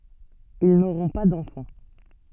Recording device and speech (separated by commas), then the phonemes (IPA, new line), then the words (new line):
soft in-ear microphone, read sentence
il noʁɔ̃ pa dɑ̃fɑ̃
Ils n'auront pas d'enfant.